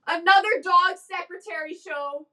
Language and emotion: English, sad